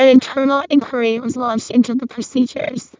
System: VC, vocoder